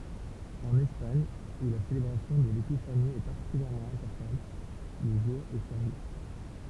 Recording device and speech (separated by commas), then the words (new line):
temple vibration pickup, read sentence
En Espagne, où la célébration de l'Épiphanie est particulièrement importante, le jour est férié.